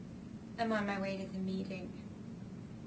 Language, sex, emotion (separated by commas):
English, female, neutral